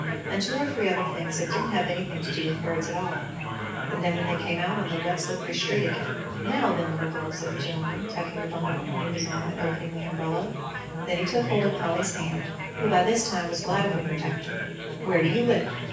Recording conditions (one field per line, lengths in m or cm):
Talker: one person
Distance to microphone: 9.8 m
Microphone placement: far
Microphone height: 1.8 m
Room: large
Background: babble